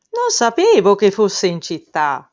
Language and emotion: Italian, surprised